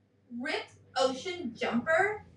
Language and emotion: English, disgusted